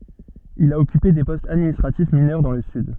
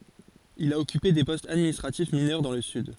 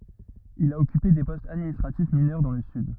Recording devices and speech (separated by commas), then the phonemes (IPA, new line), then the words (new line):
soft in-ear microphone, forehead accelerometer, rigid in-ear microphone, read sentence
il a ɔkype de pɔstz administʁatif minœʁ dɑ̃ lə syd
Il a occupé des postes administratifs mineurs dans le Sud.